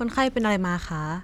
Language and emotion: Thai, neutral